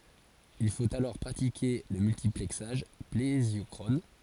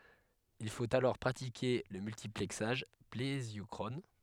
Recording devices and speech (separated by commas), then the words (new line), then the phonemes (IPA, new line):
forehead accelerometer, headset microphone, read sentence
Il faut alors pratiquer le multiplexage plésiochrone.
il fot alɔʁ pʁatike lə myltiplɛksaʒ plezjɔkʁɔn